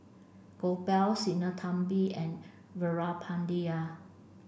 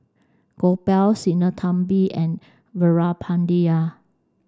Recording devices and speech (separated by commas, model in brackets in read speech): boundary microphone (BM630), standing microphone (AKG C214), read sentence